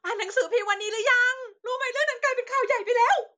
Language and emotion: Thai, happy